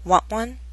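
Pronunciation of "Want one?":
In 'want one', the final t of 'want' is a glottal stop, followed by the w sound of 'one'.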